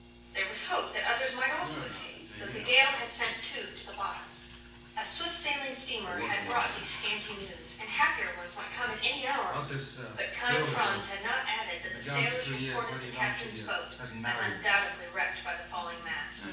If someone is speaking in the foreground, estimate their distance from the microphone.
9.8 m.